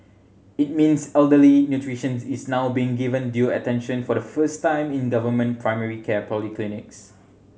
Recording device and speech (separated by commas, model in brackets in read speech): mobile phone (Samsung C7100), read sentence